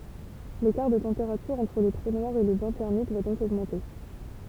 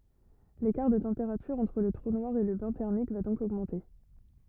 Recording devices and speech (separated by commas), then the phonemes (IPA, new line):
temple vibration pickup, rigid in-ear microphone, read sentence
lekaʁ də tɑ̃peʁatyʁ ɑ̃tʁ lə tʁu nwaʁ e lə bɛ̃ tɛʁmik va dɔ̃k oɡmɑ̃te